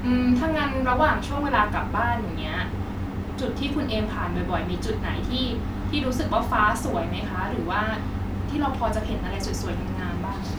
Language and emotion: Thai, neutral